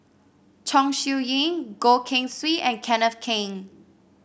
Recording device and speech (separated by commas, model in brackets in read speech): boundary microphone (BM630), read sentence